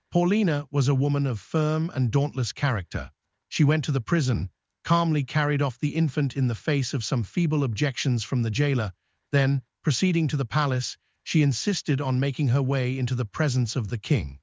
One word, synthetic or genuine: synthetic